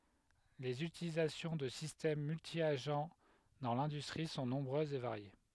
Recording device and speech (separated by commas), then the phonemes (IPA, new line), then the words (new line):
headset microphone, read sentence
lez ytilizasjɔ̃ də sistɛm myltjaʒ dɑ̃ lɛ̃dystʁi sɔ̃ nɔ̃bʁøzz e vaʁje
Les utilisations de systèmes multi-agents dans l'industrie sont nombreuses et variées.